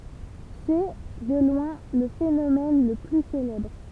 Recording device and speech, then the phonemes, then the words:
temple vibration pickup, read sentence
sɛ də lwɛ̃ lə fenomɛn lə ply selɛbʁ
C'est, de loin, le phénomène le plus célèbre.

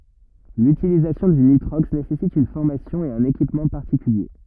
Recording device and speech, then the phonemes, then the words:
rigid in-ear microphone, read sentence
lytilizasjɔ̃ dy nitʁɔks nesɛsit yn fɔʁmasjɔ̃ e œ̃n ekipmɑ̃ paʁtikylje
L'utilisation du nitrox nécessite une formation et un équipement particuliers.

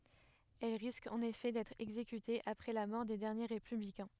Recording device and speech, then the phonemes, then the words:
headset microphone, read sentence
ɛl ʁiskt ɑ̃n efɛ dɛtʁ ɛɡzekytez apʁɛ la mɔʁ de dɛʁnje ʁepyblikɛ̃
Elles risquent en effet d'être exécutées, après la mort des derniers républicains.

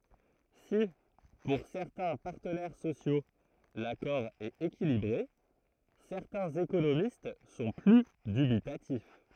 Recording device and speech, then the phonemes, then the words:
throat microphone, read sentence
si puʁ sɛʁtɛ̃ paʁtənɛʁ sosjo lakɔʁ ɛt ekilibʁe sɛʁtɛ̃z ekonomist sɔ̃ ply dybitatif
Si pour certains partenaires sociaux l'accord est équilibré, certains économistes sont plus dubitatifs.

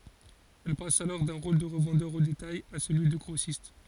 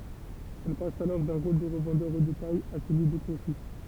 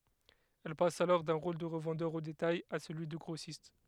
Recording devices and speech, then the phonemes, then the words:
forehead accelerometer, temple vibration pickup, headset microphone, read sentence
ɛl pas alɔʁ dœ̃ ʁol də ʁəvɑ̃dœʁ o detaj a səlyi də ɡʁosist
Elle passe alors d’un rôle de revendeur au détail à celui de grossiste.

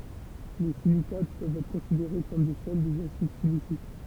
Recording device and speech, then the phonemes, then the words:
temple vibration pickup, read sentence
le silikat pøvt ɛtʁ kɔ̃sideʁe kɔm de sɛl dez asid silisik
Les silicates peuvent être considérés comme des sels des acides siliciques.

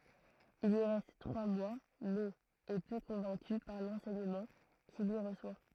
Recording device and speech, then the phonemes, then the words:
throat microphone, read sentence
il i ʁɛst tʁwa mwa mɛz ɛ pø kɔ̃vɛ̃ky paʁ lɑ̃sɛɲəmɑ̃ kil i ʁəswa
Il y reste trois mois, mais est peu convaincu par l'enseignement qu'il y reçoit.

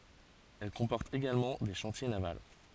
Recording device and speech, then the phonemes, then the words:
forehead accelerometer, read sentence
ɛl kɔ̃pɔʁt eɡalmɑ̃ de ʃɑ̃tje naval
Elle comporte également des chantiers navals.

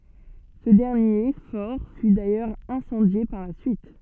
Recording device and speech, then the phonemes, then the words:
soft in-ear microphone, read sentence
sə dɛʁnje fɔʁ fy dajœʁz ɛ̃sɑ̃dje paʁ la syit
Ce dernier fort fut d’ailleurs incendié par la suite.

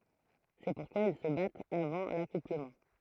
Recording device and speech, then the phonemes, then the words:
throat microphone, read sentence
sɛ puʁkwa il sə batt avɑ̃ lakupləmɑ̃
C'est pourquoi ils se battent avant l'accouplement.

